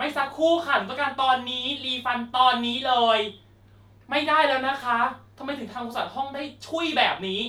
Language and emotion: Thai, angry